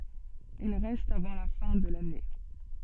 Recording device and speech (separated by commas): soft in-ear microphone, read sentence